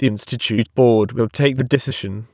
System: TTS, waveform concatenation